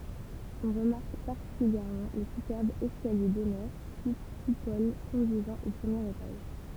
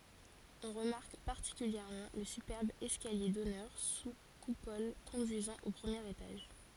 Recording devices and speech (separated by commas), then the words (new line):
temple vibration pickup, forehead accelerometer, read sentence
On remarque particulièrement le superbe escalier d'honneur sous coupole conduisant au premier étage.